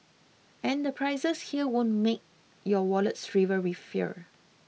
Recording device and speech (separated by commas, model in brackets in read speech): mobile phone (iPhone 6), read sentence